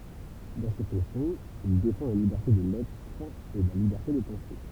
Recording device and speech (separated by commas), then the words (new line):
temple vibration pickup, read sentence
Dans ces fonctions, il défend la liberté des lettres et la liberté de penser.